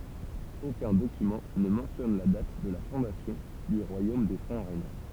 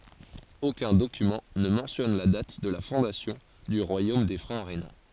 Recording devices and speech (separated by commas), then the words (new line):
temple vibration pickup, forehead accelerometer, read sentence
Aucun document ne mentionne la date de la fondation du royaume des Francs rhénans.